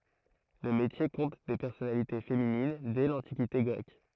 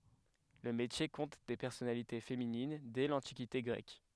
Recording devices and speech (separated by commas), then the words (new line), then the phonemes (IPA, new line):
throat microphone, headset microphone, read sentence
Le métier compte des personnalités féminines dès l'Antiquité grecque.
lə metje kɔ̃t de pɛʁsɔnalite feminin dɛ lɑ̃tikite ɡʁɛk